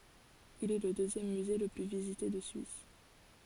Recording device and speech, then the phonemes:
forehead accelerometer, read sentence
il ɛ lə døzjɛm myze lə ply vizite də syis

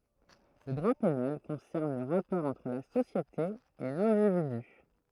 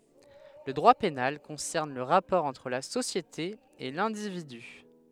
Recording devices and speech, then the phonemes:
throat microphone, headset microphone, read sentence
lə dʁwa penal kɔ̃sɛʁn lə ʁapɔʁ ɑ̃tʁ la sosjete e lɛ̃dividy

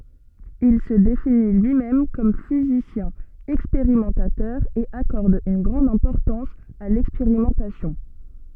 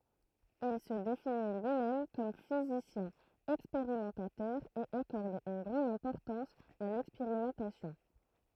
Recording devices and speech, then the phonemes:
soft in-ear microphone, throat microphone, read sentence
il sə defini lyimɛm kɔm fizisjɛ̃ ɛkspeʁimɑ̃tatœʁ e akɔʁd yn ɡʁɑ̃d ɛ̃pɔʁtɑ̃s a lɛkspeʁimɑ̃tasjɔ̃

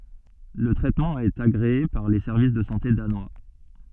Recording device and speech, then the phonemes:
soft in-ear microphone, read sentence
lə tʁɛtmɑ̃ ɛt aɡʁee paʁ le sɛʁvis də sɑ̃te danwa

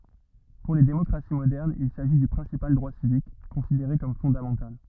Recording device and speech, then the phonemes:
rigid in-ear microphone, read sentence
puʁ le demɔkʁasi modɛʁnz il saʒi dy pʁɛ̃sipal dʁwa sivik kɔ̃sideʁe kɔm fɔ̃damɑ̃tal

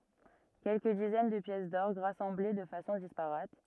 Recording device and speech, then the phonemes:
rigid in-ear microphone, read sentence
kɛlkə dizɛn də pjɛs dɔʁɡ ʁasɑ̃ble də fasɔ̃ dispaʁat

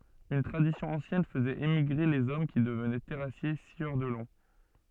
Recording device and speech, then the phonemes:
soft in-ear microphone, read sentence
yn tʁadisjɔ̃ ɑ̃sjɛn fəzɛt emiɡʁe lez ɔm ki dəvnɛ tɛʁasje sjœʁ də lɔ̃

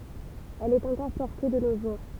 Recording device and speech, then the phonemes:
temple vibration pickup, read sentence
ɛl ɛt ɑ̃kɔʁ pɔʁte də no ʒuʁ

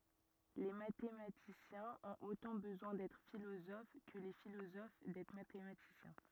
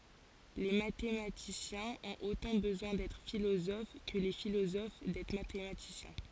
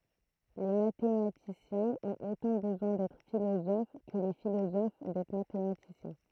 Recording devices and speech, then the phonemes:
rigid in-ear microphone, forehead accelerometer, throat microphone, read sentence
le matematisjɛ̃z ɔ̃t otɑ̃ bəzwɛ̃ dɛtʁ filozof kə le filozof dɛtʁ matematisjɛ̃

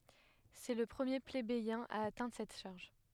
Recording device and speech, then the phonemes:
headset microphone, read sentence
sɛ lə pʁəmje plebejɛ̃ a atɛ̃dʁ sɛt ʃaʁʒ

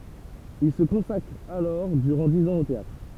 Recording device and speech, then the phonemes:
temple vibration pickup, read sentence
il sə kɔ̃sakʁ alɔʁ dyʁɑ̃ diz ɑ̃z o teatʁ

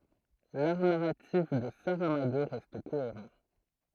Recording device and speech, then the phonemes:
throat microphone, read sentence
laʁ naʁatif də saʁamaɡo ʁɛst koeʁɑ̃

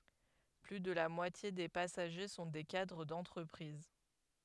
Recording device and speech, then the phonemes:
headset microphone, read sentence
ply də la mwatje de pasaʒe sɔ̃ de kadʁ dɑ̃tʁəpʁiz

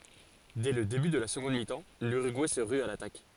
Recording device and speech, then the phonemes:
forehead accelerometer, read sentence
dɛ lə deby də la səɡɔ̃d mitɑ̃ lyʁyɡuɛ sə ʁy a latak

